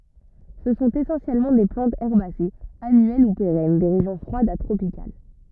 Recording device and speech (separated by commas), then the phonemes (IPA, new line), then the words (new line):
rigid in-ear microphone, read sentence
sə sɔ̃t esɑ̃sjɛlmɑ̃ de plɑ̃tz ɛʁbasez anyɛl u peʁɛn de ʁeʒjɔ̃ fʁwadz a tʁopikal
Ce sont essentiellement des plantes herbacées, annuelles ou pérennes, des régions froides à tropicales.